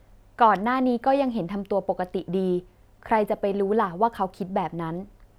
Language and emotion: Thai, neutral